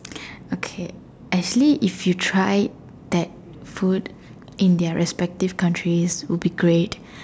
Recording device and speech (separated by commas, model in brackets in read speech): standing microphone, conversation in separate rooms